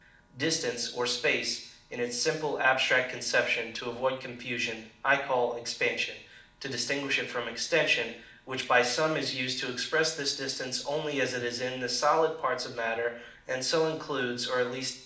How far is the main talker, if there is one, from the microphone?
2.0 m.